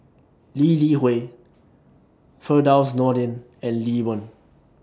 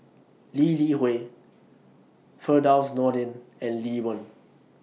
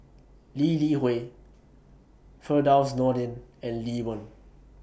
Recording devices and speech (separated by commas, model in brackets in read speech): standing microphone (AKG C214), mobile phone (iPhone 6), boundary microphone (BM630), read sentence